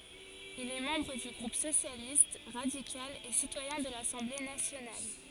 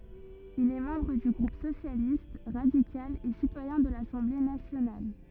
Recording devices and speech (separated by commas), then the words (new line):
forehead accelerometer, rigid in-ear microphone, read sentence
Il est membre du groupe Socialiste, radical et citoyen de l'Assemblée nationale.